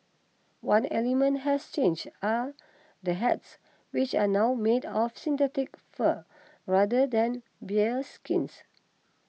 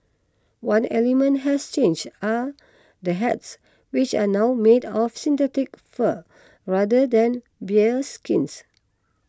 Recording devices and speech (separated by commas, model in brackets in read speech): mobile phone (iPhone 6), close-talking microphone (WH20), read sentence